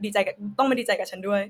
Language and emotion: Thai, happy